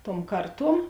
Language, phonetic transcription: Lithuanian, tuom ˈkarˌtuom

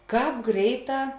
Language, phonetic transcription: Lithuanian, ˈkāp ˈgreiˌtā

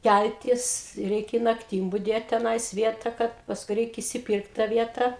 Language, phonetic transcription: Lithuanian, ˈkæltis ˈreikia i nakˈtym buˈdėt teˈnais ˈvieta ˈkad pasˈkui ˈreik išsiˈpyrkt tą ˈvieta

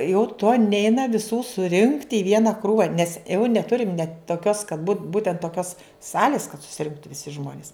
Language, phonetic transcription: Lithuanian, jau to ˈneina viˈsų suˈrinkt i ˈviena ˈkrūva nes eu neˈturim net toˈkios kad bu ˈbūtent toˈkios ˈsalis kad susiˈrinktu viˈsi ˈžmonis

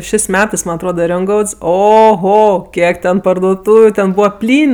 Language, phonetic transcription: Lithuanian, šės' ˈmetɜs ˈman' atˈroda ˈriongauds oˈho ˈkiek ten pardoˈtūviu ˈten ˈbūva ˈplyn'

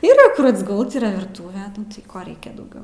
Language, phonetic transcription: Lithuanian, ˈyra ˈkur atsgult ˈyra virˈtūve ˈnu tai ˈko ˈreikia dauˈgiau

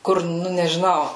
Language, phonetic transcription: Lithuanian, ˈkur ˈnu nežiˈnau

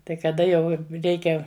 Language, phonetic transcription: Lithuanian, tai kaˈda jau ˈreikia

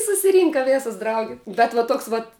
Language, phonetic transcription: Lithuanian, susiˈrynka ˈvėsas ˈdrauge bet va ˈtoks ˈvat

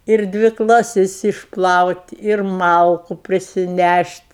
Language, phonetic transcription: Lithuanian, ir ˈdvi klaˈsis išˈplaut' ir ˈmalku prisiˈnæšt'

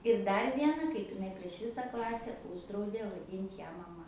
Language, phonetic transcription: Lithuanian, ir ˈdar ˈviena kaip iˈnai prieš ˈvisa ˈklase ˈūždraudė vaˈdynt' ˈją maˈma

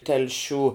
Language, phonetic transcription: Lithuanian, telˈšių

